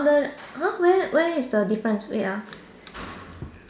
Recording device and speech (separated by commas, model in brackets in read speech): standing microphone, conversation in separate rooms